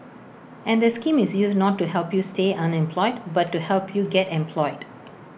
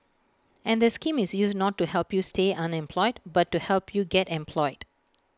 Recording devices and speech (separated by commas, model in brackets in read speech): boundary microphone (BM630), close-talking microphone (WH20), read sentence